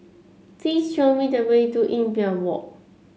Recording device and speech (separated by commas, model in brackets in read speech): mobile phone (Samsung C7), read sentence